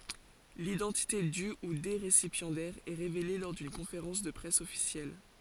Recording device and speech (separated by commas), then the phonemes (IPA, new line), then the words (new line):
forehead accelerometer, read sentence
lidɑ̃tite dy u de ʁesipjɑ̃dɛʁz ɛ ʁevele lɔʁ dyn kɔ̃feʁɑ̃s də pʁɛs ɔfisjɛl
L'identité du ou des récipiendaires est révélée lors d'une conférence de presse officielle.